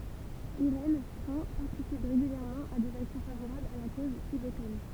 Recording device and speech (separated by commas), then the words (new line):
temple vibration pickup, read sentence
Irène Frain participe régulièrement à des actions favorables à la cause tibétaine.